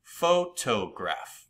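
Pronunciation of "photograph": In 'photograph', the stress is on the middle syllable, 'to'.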